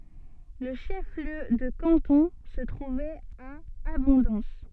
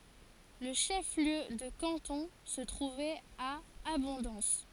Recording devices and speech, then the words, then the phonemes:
soft in-ear microphone, forehead accelerometer, read sentence
Le chef-lieu de canton se trouvait à Abondance.
lə ʃəfliø də kɑ̃tɔ̃ sə tʁuvɛt a abɔ̃dɑ̃s

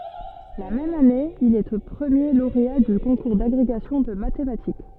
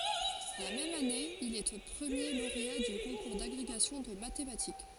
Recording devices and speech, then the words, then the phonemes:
soft in-ear microphone, forehead accelerometer, read sentence
La même année il est premier lauréat du concours d’agrégation de mathématiques.
la mɛm ane il ɛ pʁəmje loʁea dy kɔ̃kuʁ daɡʁeɡasjɔ̃ də matematik

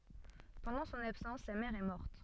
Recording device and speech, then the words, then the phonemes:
soft in-ear microphone, read sentence
Pendant son absence sa mère est morte.
pɑ̃dɑ̃ sɔ̃n absɑ̃s sa mɛʁ ɛ mɔʁt

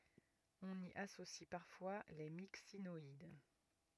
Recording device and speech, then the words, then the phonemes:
rigid in-ear microphone, read sentence
On y associe parfois les Myxinoïdes.
ɔ̃n i asosi paʁfwa le miksinɔid

